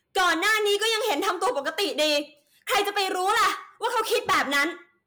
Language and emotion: Thai, angry